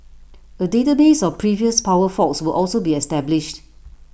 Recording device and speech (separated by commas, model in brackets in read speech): boundary microphone (BM630), read sentence